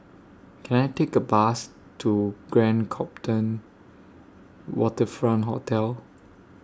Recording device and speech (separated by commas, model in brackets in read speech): standing microphone (AKG C214), read sentence